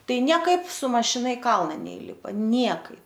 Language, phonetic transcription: Lithuanian, ˈtai nieˈkaip su mašiˈna i ˈkalna neˈylipa ˈniekaip

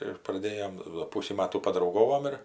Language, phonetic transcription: Lithuanian, ir praˈdėjom do ˈpusį ˈmatų padrauˈgovom ir

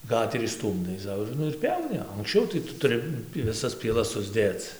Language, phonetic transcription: Lithuanian, ˈgaterį ˈstūmdai ˈsau ir ˈnu ir ˈpjauni anksˈčiau tai ˈtu tuˈri viˈsas pieˈlas susˈdėc

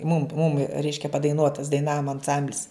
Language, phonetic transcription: Lithuanian, mum mum ˈreiškia padaiˈnuotas daiˈnavom anˈsamblis

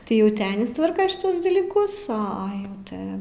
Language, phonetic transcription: Lithuanian, tai ˈjau ˈti ˈanis ˈtvarka šiˈtuos dalyˈkus o ˈa ˈjau ˈti

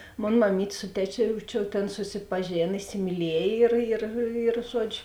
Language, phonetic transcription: Lithuanian, ˈmon maˈmyt' ˈsu teˌčio jau ˈčia ˈtėn susipaˈžėn isimyˈliej ir ir ir ˈžuodžiu

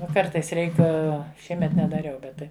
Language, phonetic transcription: Lithuanian, ˈnu ˈkartais ˈreik ˈšiemet nedaˈriau ˈbet tai

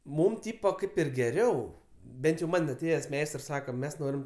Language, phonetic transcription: Lithuanian, ˈmūm ˈtypo ˈkaip ir geˈriau ˈbent jau ˈman' aˈtėjes ˈmeistrs ˈsaka ˈmes ˈnorim

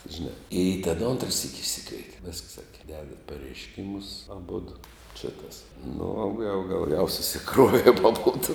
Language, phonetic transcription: Lithuanian, žiˈnā i ten ˈontra syk' išˈsikveitė visks ˈsake ˈdedat pareišˈkimus aˈbudu čia kas nu o gal gal jau susiˈkruovėm aˈbodu

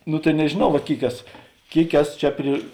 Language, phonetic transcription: Lithuanian, ˈnu tai nežėˈnau vat ˈkėik ˈeso ˈkėik ˈeso ˈčia pri

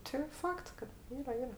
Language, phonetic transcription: Lithuanian, ti ˈfakts kad ˈyra ˈyra

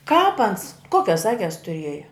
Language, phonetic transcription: Lithuanian, kāp ans ˈkuokias ˈakes tuˈrieja

